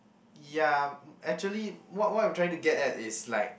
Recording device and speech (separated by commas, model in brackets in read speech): boundary microphone, conversation in the same room